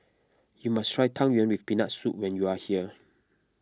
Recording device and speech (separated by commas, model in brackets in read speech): close-talking microphone (WH20), read sentence